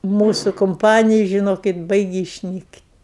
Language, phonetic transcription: Lithuanian, ˈmūsu kumˈpanija žiˈnokit ˈbaigi išˈnykt'

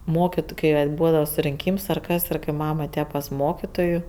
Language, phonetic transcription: Lithuanian, ˈmokitu kai ˈvat ˈbūdava surinˈkyms ar ˈkas ir kai ˈmam aˈtėja pas ˈmokytojų

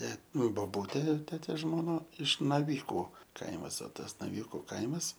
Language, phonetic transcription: Lithuanian, ˈte nu boˈbūtė ˈtetės žmoˈna iš naˈvyku ˈkaimas o ˈtas naˈvyku ˈkaimas

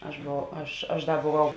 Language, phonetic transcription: Lithuanian, aš boˈvau ˈaš aš ˈda boˈvau

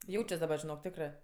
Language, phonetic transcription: Lithuanian, ˈjaučias daˈba žiˈnok ˈtekrɜ

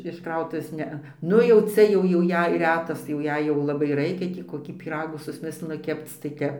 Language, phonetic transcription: Lithuanian, iš ˈkrautuvės ˈnea ˈnu jau ˈcia ˈjau jau ˈjei ˈretas tai jau ˈjei jau laˈbai ˈraikia ˈtį koˈkį pyˈragų susˈmislinu ˈkepc tai ˈtep

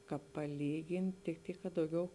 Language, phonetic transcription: Lithuanian, ˈkāp paˈlygini tik ˈtyk ka dauˈgiau

